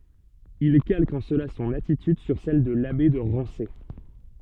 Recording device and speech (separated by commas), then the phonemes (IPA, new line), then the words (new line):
soft in-ear microphone, read sentence
il kalk ɑ̃ səla sɔ̃n atityd syʁ sɛl də labe də ʁɑ̃se
Il calque en cela son attitude sur celle de l'abbé de Rancé.